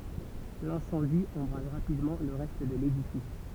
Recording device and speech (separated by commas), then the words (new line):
temple vibration pickup, read sentence
L'incendie embrase rapidement le reste de l'édifice.